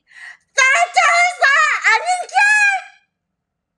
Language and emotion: English, surprised